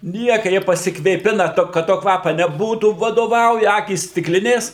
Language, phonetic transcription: Lithuanian, ˈnieka ˈjie pasikvėˈpina ˈto kad ˈto ˈkvapa neˈbūtų vadoˈvauja ˈakys stikˈlinės

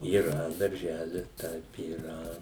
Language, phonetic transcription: Lithuanian, yˈra darˈželis ˈtaip yˈra

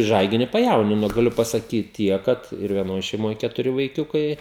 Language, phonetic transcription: Lithuanian, ˈžaigini paˈjaunino gaˈliu pasaˈkyti ˈtiek ˈkad ir vieˈnoj šeiˈmoje ketuˈri vaiˈkiukai

